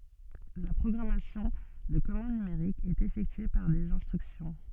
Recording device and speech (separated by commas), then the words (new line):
soft in-ear microphone, read sentence
La programmation de commande numérique est effectuée par des instructions.